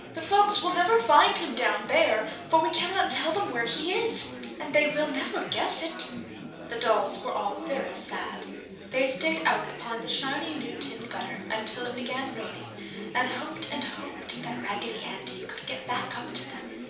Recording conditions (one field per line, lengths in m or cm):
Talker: one person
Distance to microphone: 3.0 m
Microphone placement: far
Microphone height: 1.8 m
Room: small (3.7 m by 2.7 m)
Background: babble